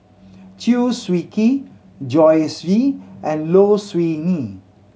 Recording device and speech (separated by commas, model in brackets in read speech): mobile phone (Samsung C7100), read sentence